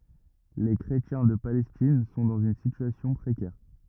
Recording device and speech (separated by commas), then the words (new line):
rigid in-ear microphone, read sentence
Les chrétiens de Palestine sont dans une situation précaire.